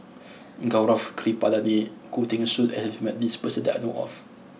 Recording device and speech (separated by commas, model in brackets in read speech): mobile phone (iPhone 6), read sentence